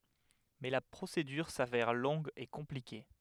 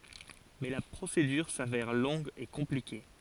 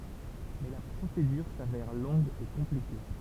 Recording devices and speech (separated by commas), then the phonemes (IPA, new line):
headset microphone, forehead accelerometer, temple vibration pickup, read sentence
mɛ la pʁosedyʁ savɛʁ lɔ̃ɡ e kɔ̃plike